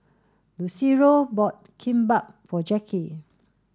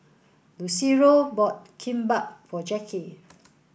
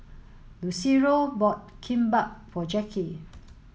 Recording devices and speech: standing microphone (AKG C214), boundary microphone (BM630), mobile phone (Samsung S8), read sentence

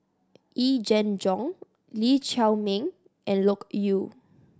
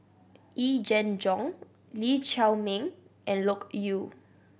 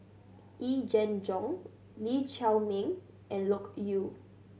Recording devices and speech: standing microphone (AKG C214), boundary microphone (BM630), mobile phone (Samsung C7100), read sentence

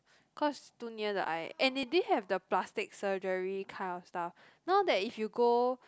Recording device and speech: close-talking microphone, conversation in the same room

